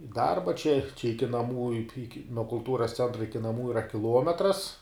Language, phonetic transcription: Lithuanian, i ˈdarba čia čia ˈiki naˈmų ik ik nuo kulˈtūras ˈcentra ˈiki ˈnamų iˈra kiˈluometras

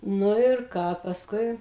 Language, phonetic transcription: Lithuanian, ˈnu ir ˈką pasˈkui

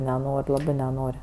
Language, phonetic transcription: Lithuanian, neˈnor' ˈlabɜ neˈnor'

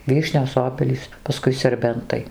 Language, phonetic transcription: Lithuanian, ˈvyšnios ˈobelys paˈskui serˈbentai

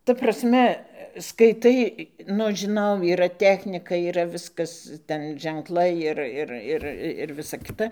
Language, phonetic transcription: Lithuanian, ta prasˈme skaiˈtai ˈnu aš žiˈnau yˈra ˈtechnika yˈra ˈviskas ˈten ženˈklai ˈir ˈir ˈir ir ˈvisa ˈkita

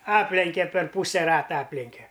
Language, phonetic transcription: Lithuanian, ˈaplenke per ˈpūse ˈrata ˈaplenke

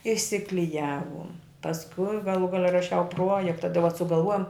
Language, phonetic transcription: Lithuanian, išsikliˈjavum pasˈkui gaˈlų ˈgale raˈšiau ˈpruojekta tai vat sugalˈvuojom

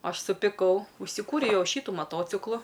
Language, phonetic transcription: Lithuanian, ˈaš supiˈkau užsiˈkūriau ˈjau ˈšytu maˈtociklu

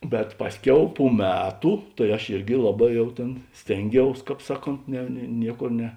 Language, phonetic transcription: Lithuanian, bet ˈpasˌkiau pu ˈmetu tai aš ˈirgi ˈlaˌbā ˈjau tėn ˈstėnˌgiaus ˈkāp ˈsaˌkont ne nie ˈnieˌkor ne

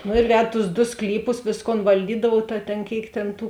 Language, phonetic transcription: Lithuanian, nu ir ˈved tus du ˈsklyˌpus ˈvėsˌkon valˈdydavuov ta tėn ˈkėik tėn ˈtų

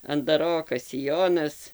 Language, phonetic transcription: Lithuanian, andaˈrokas siˈjonas

